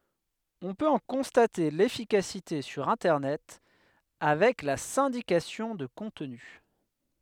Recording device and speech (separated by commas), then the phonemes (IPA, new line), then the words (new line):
headset microphone, read sentence
ɔ̃ pøt ɑ̃ kɔ̃state lefikasite syʁ ɛ̃tɛʁnɛt avɛk la sɛ̃dikasjɔ̃ də kɔ̃tny
On peut en constater l'efficacité sur Internet avec la syndication de contenu.